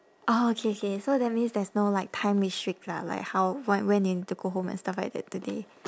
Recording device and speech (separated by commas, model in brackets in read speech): standing microphone, conversation in separate rooms